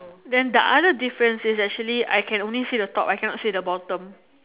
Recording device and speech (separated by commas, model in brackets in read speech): telephone, conversation in separate rooms